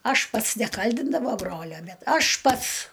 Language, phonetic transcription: Lithuanian, ˈaš ˈpats neˈkaldindavo ˈbrolio ˈbet ˈaš ˈpats

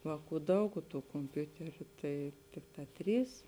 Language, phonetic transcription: Lithuanian, ˈvāˌkų ˈdaug o tų komˈpiuteriu tai ˈtikˌtā ˈtrys

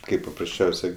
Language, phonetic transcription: Lithuanian, ˈkaip paprasˈčiausiai

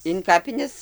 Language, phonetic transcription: Lithuanian, in ˈkapines

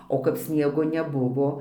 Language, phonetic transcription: Lithuanian, o kap ˈsniego neˈbuvo

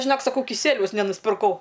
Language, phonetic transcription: Lithuanian, žiˈnok saˈkau kiˈsieliaus nenuspirˈkau

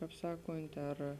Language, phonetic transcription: Lithuanian, ˈkāp ˈsakont' ar

